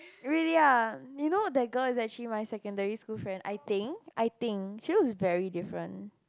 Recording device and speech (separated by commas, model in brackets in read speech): close-talking microphone, conversation in the same room